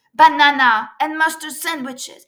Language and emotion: English, angry